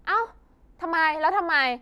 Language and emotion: Thai, angry